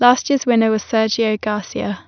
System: none